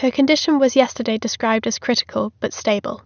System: none